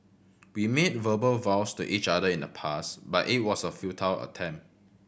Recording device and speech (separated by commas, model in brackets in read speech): boundary microphone (BM630), read sentence